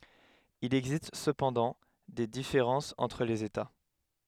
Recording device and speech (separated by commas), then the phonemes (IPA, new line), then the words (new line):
headset microphone, read sentence
il ɛɡzist səpɑ̃dɑ̃ de difeʁɑ̃sz ɑ̃tʁ lez eta
Il existe cependant des différences entre les États.